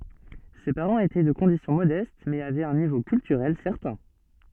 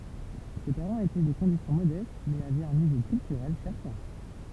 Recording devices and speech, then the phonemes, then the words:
soft in-ear microphone, temple vibration pickup, read sentence
se paʁɑ̃z etɛ də kɔ̃disjɔ̃ modɛst mɛz avɛt œ̃ nivo kyltyʁɛl sɛʁtɛ̃
Ses parents étaient de condition modeste mais avaient un niveau culturel certain.

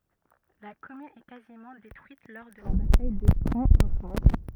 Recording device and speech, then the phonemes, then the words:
rigid in-ear microphone, read sentence
la kɔmyn ɛ kazimɑ̃ detʁyit lɔʁ də la bataj də kɑ̃ ɑ̃ ʒyɛ̃
La commune est quasiment détruite lors de la bataille de Caen en juin-.

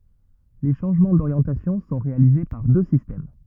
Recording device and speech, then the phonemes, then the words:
rigid in-ear microphone, read sentence
le ʃɑ̃ʒmɑ̃ doʁjɑ̃tasjɔ̃ sɔ̃ ʁealize paʁ dø sistɛm
Les changements d'orientation sont réalisés par deux systèmes.

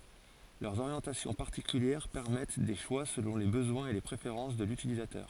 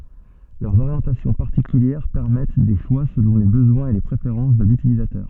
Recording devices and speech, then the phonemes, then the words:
forehead accelerometer, soft in-ear microphone, read sentence
lœʁz oʁjɑ̃tasjɔ̃ paʁtikyljɛʁ pɛʁmɛt de ʃwa səlɔ̃ le bəzwɛ̃z e le pʁefeʁɑ̃s də lytilizatœʁ
Leurs orientations particulières permettent des choix selon les besoins et les préférences de l'utilisateur.

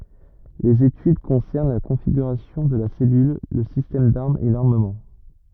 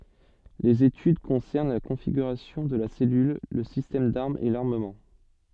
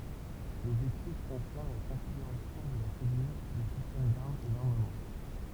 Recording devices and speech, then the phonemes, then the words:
rigid in-ear microphone, soft in-ear microphone, temple vibration pickup, read sentence
lez etyd kɔ̃sɛʁn la kɔ̃fiɡyʁasjɔ̃ də la sɛlyl lə sistɛm daʁmz e laʁməmɑ̃
Les études concernent la configuration de la cellule, le système d'armes et l'armement.

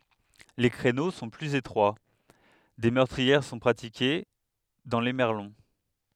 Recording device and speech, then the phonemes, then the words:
headset microphone, read sentence
le kʁeno sɔ̃ plyz etʁwa de mœʁtʁiɛʁ sɔ̃ pʁatike dɑ̃ le mɛʁlɔ̃
Les créneaux sont plus étroits, des meurtrières sont pratiquées dans les merlons.

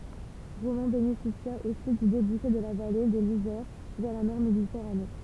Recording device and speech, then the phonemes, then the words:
temple vibration pickup, read sentence
ʁomɑ̃ benefisja osi dy debuʃe də la vale də lizɛʁ vɛʁ la mɛʁ meditɛʁane
Romans bénéficia aussi du débouché de la vallée de l'Isère vers la mer Méditerranée.

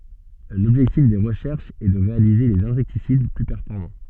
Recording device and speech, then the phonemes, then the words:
soft in-ear microphone, read sentence
lɔbʒɛktif de ʁəʃɛʁʃz ɛ də ʁealize dez ɛ̃sɛktisid ply pɛʁfɔʁmɑ̃
L'objectif des recherches est de réaliser des insecticides plus performants.

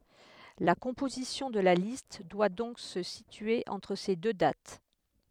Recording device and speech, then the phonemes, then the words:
headset microphone, read sentence
la kɔ̃pozisjɔ̃ də la list dwa dɔ̃k sə sitye ɑ̃tʁ se dø dat
La composition de la liste doit donc se situer entre ces deux dates.

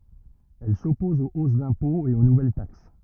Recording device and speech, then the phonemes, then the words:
rigid in-ear microphone, read sentence
ɛl sɔpɔz o os dɛ̃pɔ̃z e o nuvɛl taks
Elle s'oppose aux hausses d'impôts et aux nouvelles taxes.

